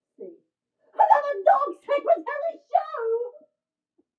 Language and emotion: English, surprised